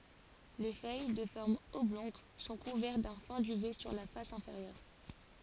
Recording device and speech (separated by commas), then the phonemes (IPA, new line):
forehead accelerometer, read sentence
le fœj də fɔʁm ɔblɔ̃ɡ sɔ̃ kuvɛʁt dœ̃ fɛ̃ dyvɛ syʁ la fas ɛ̃feʁjœʁ